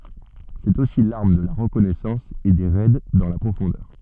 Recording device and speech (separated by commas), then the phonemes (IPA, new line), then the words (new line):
soft in-ear microphone, read sentence
sɛt osi laʁm də la ʁəkɔnɛsɑ̃s e de ʁɛd dɑ̃ la pʁofɔ̃dœʁ
C'est aussi l'arme de la reconnaissance et des raids dans la profondeur.